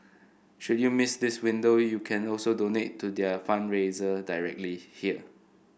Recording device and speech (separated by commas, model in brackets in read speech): boundary microphone (BM630), read sentence